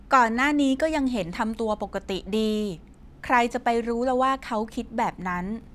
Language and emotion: Thai, neutral